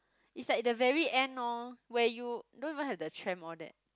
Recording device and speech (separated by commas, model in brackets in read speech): close-talking microphone, conversation in the same room